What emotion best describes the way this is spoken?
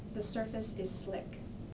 neutral